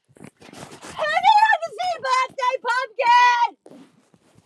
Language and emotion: English, happy